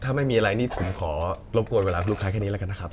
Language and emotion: Thai, neutral